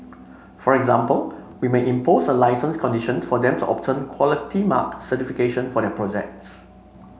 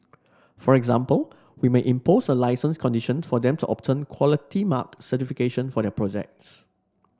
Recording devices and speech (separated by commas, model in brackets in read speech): mobile phone (Samsung C5), standing microphone (AKG C214), read sentence